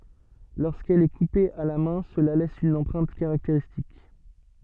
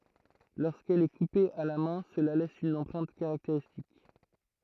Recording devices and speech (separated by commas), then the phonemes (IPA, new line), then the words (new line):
soft in-ear microphone, throat microphone, read sentence
loʁskɛl ɛ kupe a la mɛ̃ səla lɛs yn ɑ̃pʁɛ̃t kaʁakteʁistik
Lorsqu'elle est coupée à la main cela laisse une empreinte caractéristique.